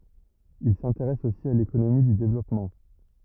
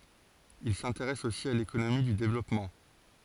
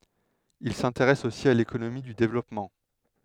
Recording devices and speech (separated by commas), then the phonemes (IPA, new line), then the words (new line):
rigid in-ear microphone, forehead accelerometer, headset microphone, read sentence
il sɛ̃teʁɛs osi a lekonomi dy devlɔpmɑ̃
Il s’intéresse aussi à l’économie du développement.